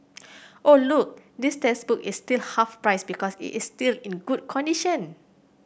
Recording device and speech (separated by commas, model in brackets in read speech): boundary microphone (BM630), read sentence